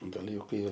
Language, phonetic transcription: Lithuanian, gaˈli ˈjau ˈkai

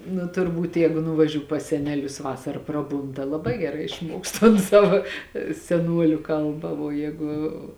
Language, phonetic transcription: Lithuanian, nu turˈbūt ˈjeigu nuvaˈžiū pas ˈseneˌlius ˈvasara ˈpraˌbūn ta laˈbai geˈrai išˈmuoks tan ˈsava seˈnuoliu ˈkalba vuo ˈjēgu

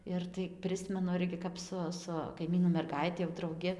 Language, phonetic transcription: Lithuanian, ir tai ˈprismenu ˈirgi kap ˈsu su kaiˈmynų merˈgaiti jau drauˈgi

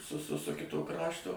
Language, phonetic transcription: Lithuanian, su su su ˈkito ˈkrašto

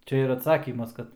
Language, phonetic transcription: Lithuanian, ˈčia ir atˈsakymas ˈkad

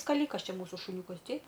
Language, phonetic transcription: Lithuanian, skaˈlykas ˈčia ˈmūsu šuˈniūkas ˈteip

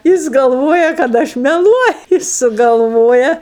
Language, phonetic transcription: Lithuanian, ˈjis galˈvoja kad ˈaš meˈluoju ˈjis sugalˈvoja

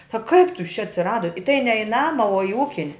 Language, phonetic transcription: Lithuanian, a kaip tu jis čia atsiˈrado i tai ne i ˈnama o i ˈūkin'

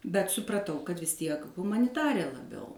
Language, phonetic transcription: Lithuanian, bet supraˈtau kad vis ˈtiek humaniˈtarė laˈbiau

